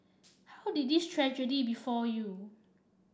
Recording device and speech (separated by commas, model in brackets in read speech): standing microphone (AKG C214), read sentence